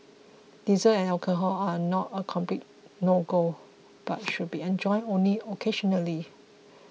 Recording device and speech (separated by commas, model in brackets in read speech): mobile phone (iPhone 6), read sentence